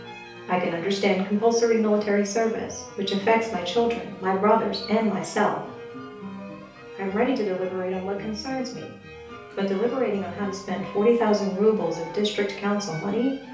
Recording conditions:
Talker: one person; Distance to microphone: 3.0 m; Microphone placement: far; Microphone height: 1.8 m; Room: small (3.7 m by 2.7 m); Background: music

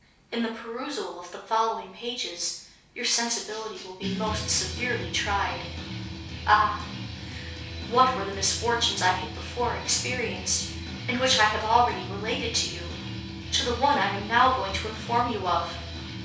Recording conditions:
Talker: one person; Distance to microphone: 3.0 m; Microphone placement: far; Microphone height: 1.8 m; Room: small (3.7 m by 2.7 m); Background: music

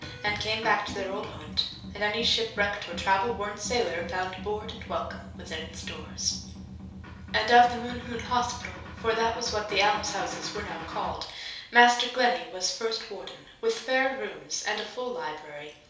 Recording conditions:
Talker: one person; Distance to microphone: 3.0 m; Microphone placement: far; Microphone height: 1.8 m; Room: small (3.7 m by 2.7 m); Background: music

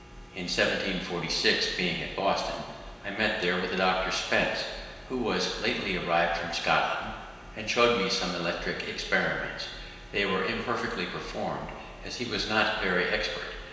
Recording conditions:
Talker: one person; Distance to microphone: 1.7 m; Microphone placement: close; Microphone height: 1.0 m; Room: very reverberant, large; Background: none

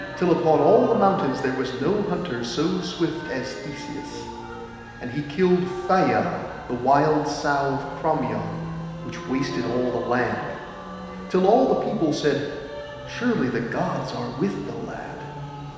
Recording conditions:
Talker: one person; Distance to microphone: 1.7 m; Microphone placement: close; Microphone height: 1.0 m; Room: very reverberant, large; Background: music

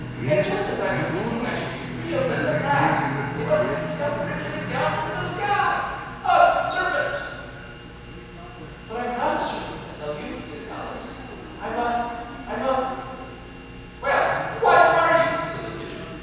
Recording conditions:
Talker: one person; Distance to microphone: 7.1 m; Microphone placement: far; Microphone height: 1.7 m; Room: very reverberant, large; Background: television

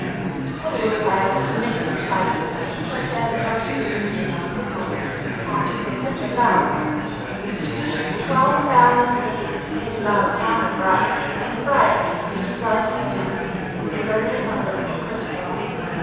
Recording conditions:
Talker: one person; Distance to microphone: 7.1 m; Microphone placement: far; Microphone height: 1.7 m; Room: very reverberant, large; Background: babble

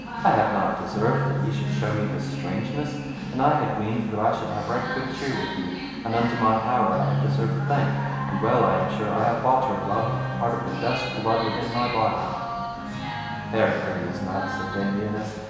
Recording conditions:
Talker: one person; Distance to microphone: 1.7 m; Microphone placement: close; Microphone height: 1.0 m; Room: very reverberant, large; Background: music

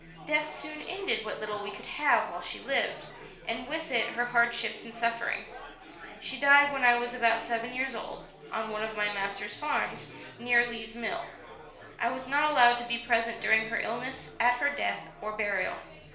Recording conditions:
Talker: one person; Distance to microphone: 1.0 m; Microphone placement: close; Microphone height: 1.1 m; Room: small (3.7 m by 2.7 m); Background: babble

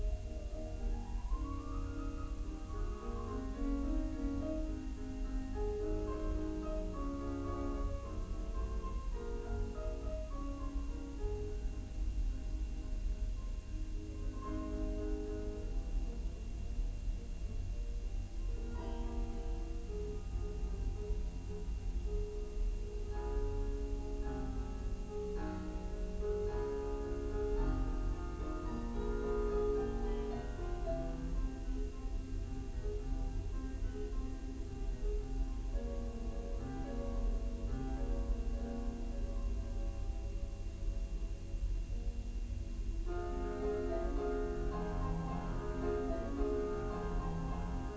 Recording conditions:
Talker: no one; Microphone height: 76 cm; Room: large; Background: music

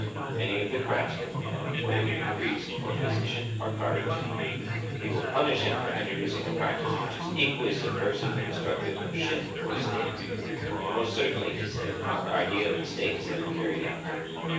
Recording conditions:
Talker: one person; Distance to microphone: 9.8 m; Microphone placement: far; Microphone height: 1.8 m; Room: large; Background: babble

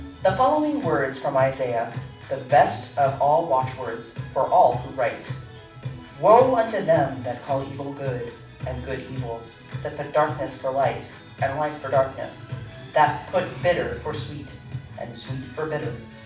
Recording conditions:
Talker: one person; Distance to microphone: 5.8 m; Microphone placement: far; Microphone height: 1.8 m; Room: medium-sized (5.7 m by 4.0 m); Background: music

